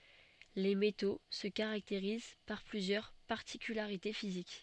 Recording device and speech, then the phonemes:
soft in-ear microphone, read sentence
le meto sə kaʁakteʁiz paʁ plyzjœʁ paʁtikylaʁite fizik

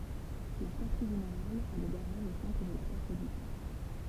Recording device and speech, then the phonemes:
temple vibration pickup, read sentence
lœʁ kaʁtje ʒeneʁal ɛ lə ɡaʁaʒ o sɑ̃tʁ də la kaʁt dy ʒø

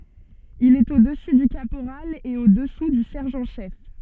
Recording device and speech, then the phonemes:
soft in-ear microphone, read sentence
il ɛt o dəsy dy kapoʁal e o dəsu dy sɛʁʒɑ̃ ʃɛf

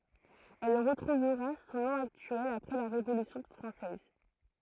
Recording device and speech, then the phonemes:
throat microphone, read sentence
ɛl ʁətʁuvʁa sɔ̃ nɔ̃ aktyɛl apʁɛ la ʁevolysjɔ̃ fʁɑ̃sɛz

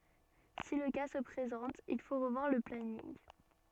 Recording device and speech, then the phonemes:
soft in-ear microphone, read sentence
si lə ka sə pʁezɑ̃t il fo ʁəvwaʁ lə planinɡ

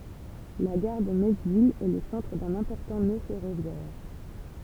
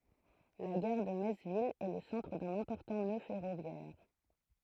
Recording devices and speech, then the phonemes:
temple vibration pickup, throat microphone, read sentence
la ɡaʁ də mɛts vil ɛ lə sɑ̃tʁ dœ̃n ɛ̃pɔʁtɑ̃ nø fɛʁovjɛʁ

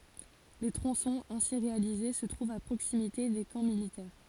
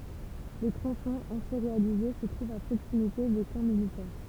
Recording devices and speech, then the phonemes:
forehead accelerometer, temple vibration pickup, read sentence
le tʁɔ̃sɔ̃z ɛ̃si ʁealize sə tʁuvt a pʁoksimite de kɑ̃ militɛʁ

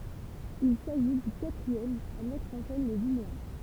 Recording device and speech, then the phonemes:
temple vibration pickup, read sentence
il saʒi dy katʁiɛm a mɛtʁ ɑ̃ sɛn le vineɛ̃

